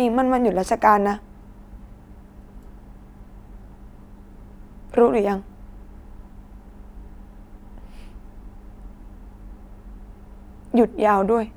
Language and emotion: Thai, sad